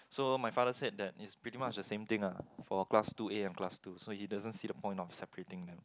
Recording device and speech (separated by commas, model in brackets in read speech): close-talking microphone, conversation in the same room